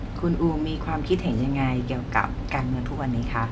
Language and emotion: Thai, neutral